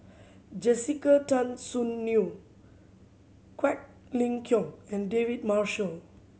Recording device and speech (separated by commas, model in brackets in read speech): mobile phone (Samsung C7100), read sentence